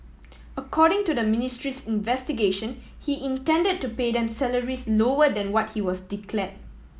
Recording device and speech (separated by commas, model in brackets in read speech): mobile phone (iPhone 7), read sentence